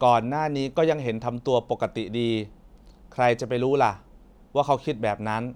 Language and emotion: Thai, neutral